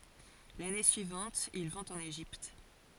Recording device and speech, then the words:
forehead accelerometer, read sentence
L'année suivante, ils vont en Égypte.

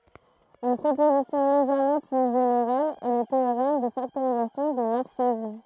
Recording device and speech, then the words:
throat microphone, read sentence
Une proposition légèrement plus générale est le théorème de factorisation des morphismes.

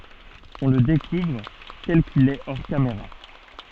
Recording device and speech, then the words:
soft in-ear microphone, read sentence
On le découvre tel qu'il est hors caméra.

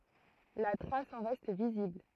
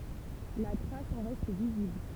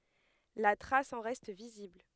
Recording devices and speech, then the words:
throat microphone, temple vibration pickup, headset microphone, read sentence
La trace en reste visible.

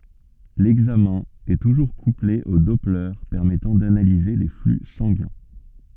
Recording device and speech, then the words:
soft in-ear microphone, read sentence
L'examen est toujours couplé au doppler permettant d'analyser les flux sanguins.

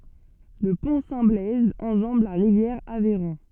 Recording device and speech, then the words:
soft in-ear microphone, read sentence
Le Pont Saint-Blaise enjambe la rivière Aveyron.

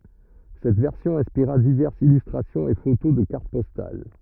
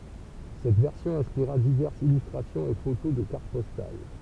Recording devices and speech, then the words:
rigid in-ear microphone, temple vibration pickup, read sentence
Cette version inspira diverses illustrations et photos de cartes postales.

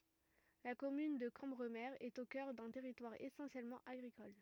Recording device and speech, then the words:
rigid in-ear microphone, read sentence
La commune de Cambremer est au cœur d'un territoire essentiellement agricole.

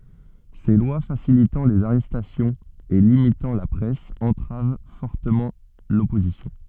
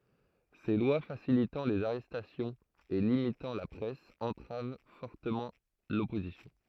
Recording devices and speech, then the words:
soft in-ear microphone, throat microphone, read sentence
Ces lois facilitant les arrestations et limitant la presse entravent fortement l'opposition.

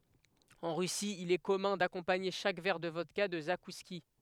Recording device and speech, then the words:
headset microphone, read sentence
En Russie, il est commun d‘accompagner chaque verre de vodka de zakouskis.

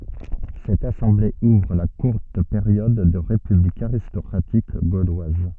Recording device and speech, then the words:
soft in-ear microphone, read sentence
Cette assemblée ouvre la courte période de république aristocratique gauloise.

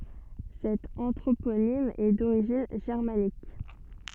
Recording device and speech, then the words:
soft in-ear microphone, read sentence
Cet anthroponyme est d'origine germanique.

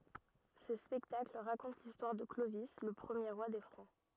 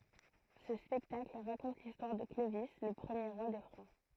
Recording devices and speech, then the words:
rigid in-ear microphone, throat microphone, read sentence
Ce spectacle raconte l'histoire de Clovis le premier roi des Francs.

